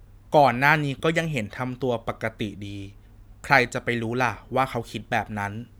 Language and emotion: Thai, neutral